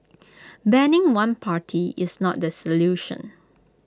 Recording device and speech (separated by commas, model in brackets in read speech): close-talking microphone (WH20), read sentence